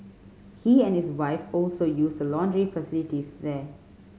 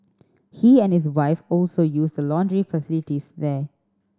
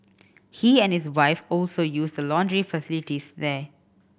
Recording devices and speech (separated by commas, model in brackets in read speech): mobile phone (Samsung C5010), standing microphone (AKG C214), boundary microphone (BM630), read sentence